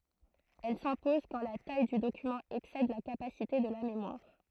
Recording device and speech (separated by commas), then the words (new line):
throat microphone, read sentence
Elle s'impose quand la taille du document excède la capacité de la mémoire.